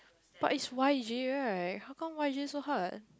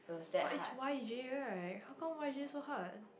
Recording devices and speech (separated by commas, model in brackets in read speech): close-talking microphone, boundary microphone, conversation in the same room